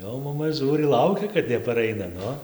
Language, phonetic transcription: Lithuanian, ˈˈjau maˈma ˈžūri ˈlaukia kad nepaˈraina ˈnu

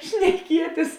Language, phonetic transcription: Lithuanian, šneˈkietis

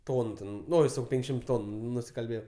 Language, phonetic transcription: Lithuanian, ˈtonu ˈten ˈno jis jau ˈpenkšim ˈtonu nusikalˈbėjau

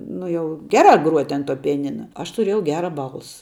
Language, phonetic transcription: Lithuanian, ˈnu jau ˈgerā gruot' an tuo pijaˈnina aš tuˈrėjau ˈgera ˈbalsa

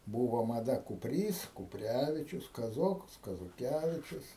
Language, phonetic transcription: Lithuanian, ˈbūvo maˈda kupˈrys kupˈrevičius kaˈzokas kazoˈkevičius

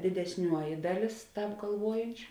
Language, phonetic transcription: Lithuanian, didesˈniuoji ˈdaˌlės ˈtāp galˈvuojančiu

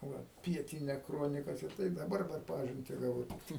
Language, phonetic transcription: Lithuanian, ˈva ˈpietinia ˈkronikas ir ˈtai daˈbar per ˈpažinti gaˈvau tikˈtai

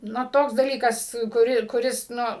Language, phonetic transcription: Lithuanian, ˈnu ˈtoks daˈlykas kuˈri kuˈris ˈnu

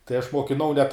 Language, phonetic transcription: Lithuanian, tai aš mokiˈnau net

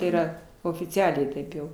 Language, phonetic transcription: Lithuanian, yˈra ofiˈcialiai ˈtaip jau

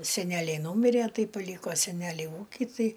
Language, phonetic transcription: Lithuanian, seˈneliai ˈnūmirė ˈtai paˈlyko seˈneliai ˈūki ˈtai

